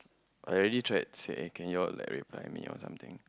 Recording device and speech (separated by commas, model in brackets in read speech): close-talking microphone, conversation in the same room